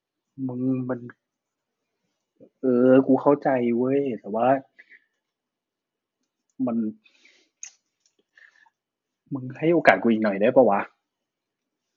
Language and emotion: Thai, frustrated